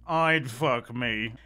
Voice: In weird deep voice